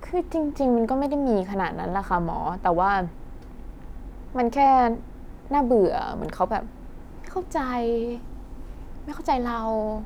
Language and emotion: Thai, frustrated